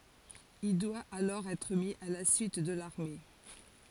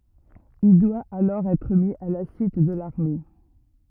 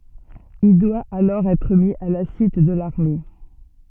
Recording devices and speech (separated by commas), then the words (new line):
forehead accelerometer, rigid in-ear microphone, soft in-ear microphone, read sentence
Il doit alors être mis à la suite de l'armée.